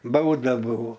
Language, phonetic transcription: Lithuanian, ˈbauda ˈbuvo

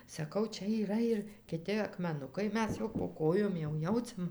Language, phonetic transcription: Lithuanian, saˈkau ˈčia yˈra ir kiˈti akmeˈnukai ˈmes jau po ˈkojom jau ˈjauciam

